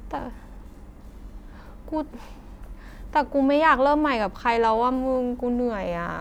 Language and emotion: Thai, frustrated